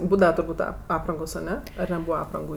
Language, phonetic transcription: Lithuanian, ˈbūdava turˈbūt' a ˈaprangos aˈne ar neˈbūva ˈaprangu

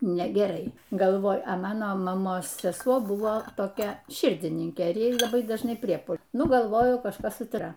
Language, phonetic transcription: Lithuanian, negeˈrai galˈvoju a ˈmano maˈmos seˈsuo ˈbuvo toˈkia ˈširdininkė ˈjai laˈbai dažˈnai ˈpriepu ˈnu galˈvoju kažˈkas su ˈtra

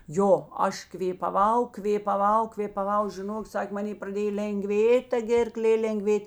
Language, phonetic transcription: Lithuanian, ˈjo ˈaš kvėpaˈvau kvėpaˈvau kvėpaˈvau žiˈnok ˈsak' maˈnė praˈdėj lenˈgvėt' ta ˈgėrˌklė lenˈgvėt'

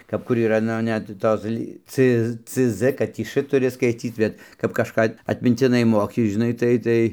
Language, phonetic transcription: Lithuanian, kap ˈkur yˈra ˈnu ˈnet ˈtos ly c cz kad ˈtį š tuˈri skaiˈtyt bet kap kažˈką atmintiˈnai ˈmoki žiˈnai ˈtai ˈtai

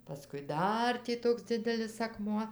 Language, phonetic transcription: Lithuanian, paˈskui ˈdar tį ˈtoks ˈdzidelis akˈmuo

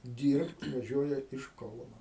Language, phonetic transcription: Lithuanian, ˈdyrbt vaˈžiuoja iš ˈkauno

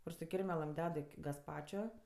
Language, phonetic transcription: Lithuanian, kur su ˈkirmelɘm ˈded i gasˈpačio

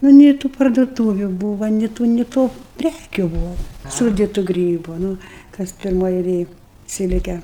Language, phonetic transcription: Lithuanian, nu ˈnė tų parduoˈtūviu ˈbūva ni ˈtų ni ˈto ˈprækiu ˈbuva ˈsūditu ˈgrybu nu ˈkas pirˈmoj eiˈlėj ˈsilke

